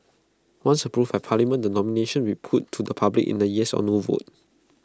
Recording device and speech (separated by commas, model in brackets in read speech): close-talking microphone (WH20), read sentence